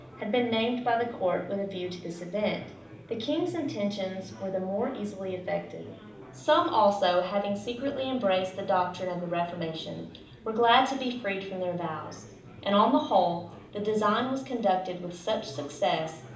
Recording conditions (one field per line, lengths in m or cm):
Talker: one person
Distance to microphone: 2.0 m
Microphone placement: close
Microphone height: 99 cm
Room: medium-sized (5.7 m by 4.0 m)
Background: babble